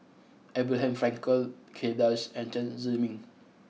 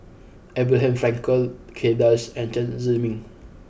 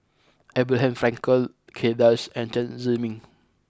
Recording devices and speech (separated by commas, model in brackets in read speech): mobile phone (iPhone 6), boundary microphone (BM630), close-talking microphone (WH20), read sentence